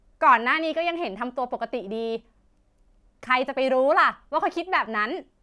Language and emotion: Thai, frustrated